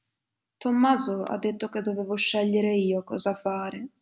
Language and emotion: Italian, sad